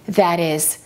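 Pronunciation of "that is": In 'that is', the t at the end of 'that' becomes a fast d before 'is'.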